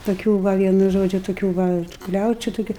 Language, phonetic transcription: Lithuanian, toˈkių ˈva ˈvienu ˈžodžiu toˈkių ˈva ˈkliaučiu tuˈkiu

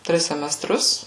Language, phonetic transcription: Lithuanian, ˈtris semeˈstrus

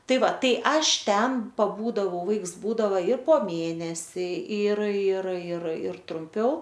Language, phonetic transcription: Lithuanian, ˈtai ˈva ˈtai ˈaš ˈten paˈbūdavau ˈvaiks ˈbūdava ir po ˈmėnesi ir ir ir ir trumˈpiau

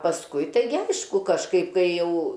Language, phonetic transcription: Lithuanian, pasˈkui taiˈgi ˈaišku kažˈkaip ˈkai ˈjau

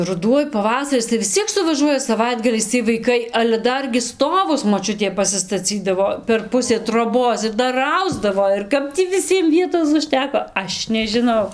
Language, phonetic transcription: Lithuanian, ruˈduoj paˈvasaris tai vis ˈciek suvaˈžuoja saˈvaitgaliais ˈciej vaiˈkai ale ˈdargi ˈstovus moˈčiutė pasistaˈcydavo per ˈpusė troˈbos ir ˈdar ˈausdavo ir ˈkap tį viˈsiem ˈvietos užˈteko ˈaš nežiˈnau

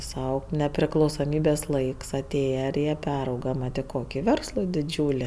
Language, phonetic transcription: Lithuanian, ˈsau nepriklausoˈmybės ˈlaiks aˈtėja ir ˈjie ˈperauga ˈmat i ˈkoki ˈverslo diˈdžiūli

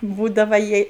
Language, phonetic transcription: Lithuanian, ˈbūdava ˈjiej

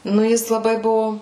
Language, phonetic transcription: Lithuanian, ˈnu ˈjis laˈbai ˈbuvo

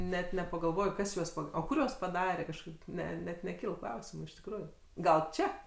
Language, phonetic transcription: Lithuanian, net nepagalˈvoj ˈkas juos pa o ˈkur juos paˈdare kažˈkaip ˈne net neˈkyl ˈklausimu iš tikˈrųju ˈgal ˈčia

